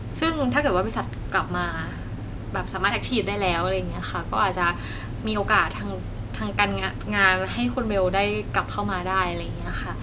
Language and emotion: Thai, neutral